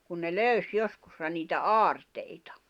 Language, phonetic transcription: Finnish, kun ne "löys 'joskussa niitä "aarteitᴀ .
- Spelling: kun ne löysi joskus niitä aarteita

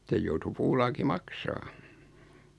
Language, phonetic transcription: Finnish, 'sej joutu "puulaaki "maksaa .
- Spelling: sen joutui puulaaki maksamaan

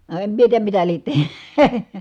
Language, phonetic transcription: Finnish, no em mie tiijäm mitä liet teh- .
- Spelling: no en minä tiedä mitä lie -

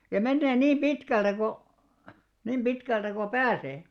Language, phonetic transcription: Finnish, ja 'mennee 'niim "ʙitkältä ko , 'niim 'ʙitkältä ko "pääsee .
- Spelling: ja menee niin pitkältä kuin niin pitkältä kuin pääsee

